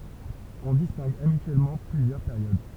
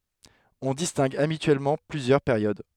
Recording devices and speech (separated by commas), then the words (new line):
temple vibration pickup, headset microphone, read sentence
On distingue habituellement plusieurs périodes.